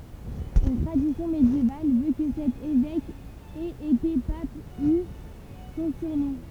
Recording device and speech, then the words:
temple vibration pickup, read sentence
Une tradition médiévale veut que cet évêque ait été pape, d'où son surnom.

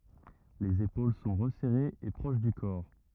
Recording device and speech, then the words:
rigid in-ear microphone, read sentence
Les épaules sont resserrées et proches du corps.

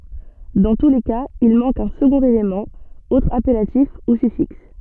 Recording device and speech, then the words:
soft in-ear microphone, read sentence
Dans tous les cas, il manque un second élément, autre appellatif ou suffixe.

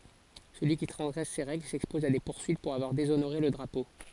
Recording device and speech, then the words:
forehead accelerometer, read sentence
Celui qui transgresse ces règles s'expose à des poursuites pour avoir déshonoré le drapeau.

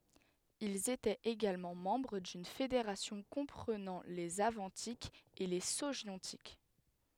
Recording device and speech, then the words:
headset microphone, read sentence
Ils étaient également membres d’une fédération comprenant les Avantiques et les Sogiontiques.

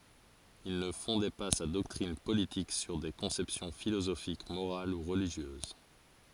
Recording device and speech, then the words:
forehead accelerometer, read sentence
Il ne fondait pas sa doctrine politique sur des conceptions philosophiques morales ou religieuses.

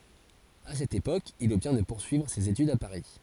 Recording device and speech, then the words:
forehead accelerometer, read sentence
À cette époque, il obtient de poursuivre ses études à Paris.

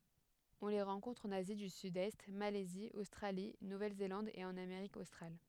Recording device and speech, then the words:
headset microphone, read sentence
On les rencontre en Asie du Sud-Est, Malaisie, Australie, Nouvelle-Zélande et en Amérique australe.

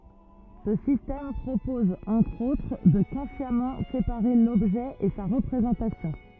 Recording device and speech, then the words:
rigid in-ear microphone, read sentence
Ce système propose, entre autres, de consciemment séparer l'objet et sa représentation.

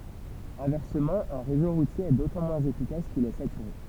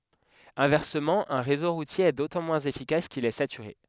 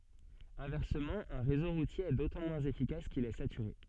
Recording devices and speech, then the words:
temple vibration pickup, headset microphone, soft in-ear microphone, read sentence
Inversement, un réseau routier est d'autant moins efficace qu'il est saturé.

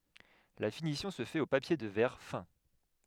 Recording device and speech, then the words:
headset microphone, read sentence
La finition se fait au papier de verre fin.

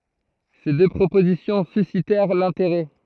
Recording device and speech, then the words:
throat microphone, read sentence
Ces deux propositions suscitèrent l'intérêt.

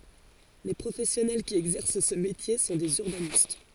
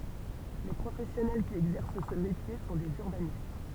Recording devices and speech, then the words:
forehead accelerometer, temple vibration pickup, read sentence
Les professionnels qui exercent ce métier sont des urbanistes.

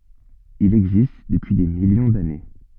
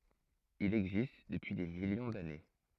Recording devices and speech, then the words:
soft in-ear microphone, throat microphone, read sentence
Il existe depuis des millions d'années.

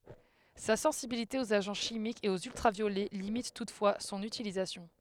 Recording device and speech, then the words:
headset microphone, read sentence
Sa sensibilité aux agents chimiques et aux ultraviolets limite toutefois son utilisation.

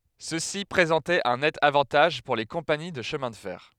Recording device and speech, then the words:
headset microphone, read sentence
Ceci présentait un net avantage pour les compagnies de chemin de fer.

